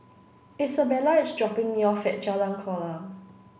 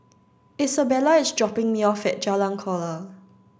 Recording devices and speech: boundary microphone (BM630), standing microphone (AKG C214), read sentence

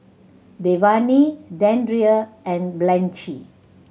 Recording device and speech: mobile phone (Samsung C7100), read sentence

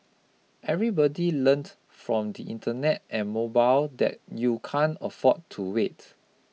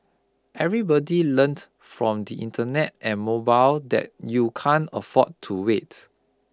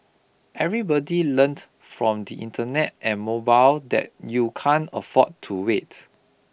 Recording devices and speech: mobile phone (iPhone 6), close-talking microphone (WH20), boundary microphone (BM630), read sentence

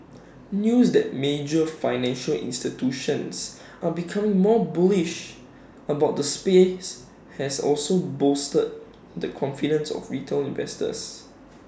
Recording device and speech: standing microphone (AKG C214), read sentence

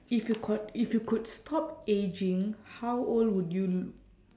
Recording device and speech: standing microphone, conversation in separate rooms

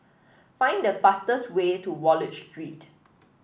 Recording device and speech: boundary microphone (BM630), read sentence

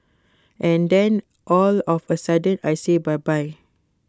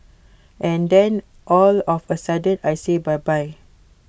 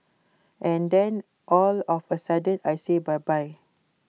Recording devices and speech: close-talking microphone (WH20), boundary microphone (BM630), mobile phone (iPhone 6), read sentence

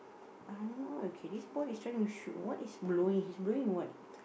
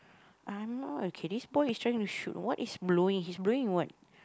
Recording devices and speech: boundary microphone, close-talking microphone, conversation in the same room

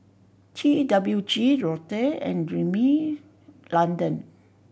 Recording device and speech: boundary microphone (BM630), read sentence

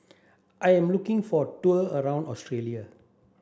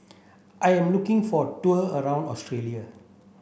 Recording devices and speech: standing microphone (AKG C214), boundary microphone (BM630), read sentence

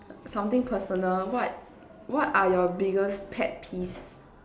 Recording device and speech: standing microphone, conversation in separate rooms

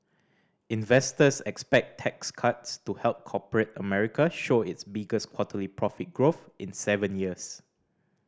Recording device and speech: standing microphone (AKG C214), read sentence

